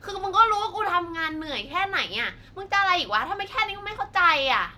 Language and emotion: Thai, angry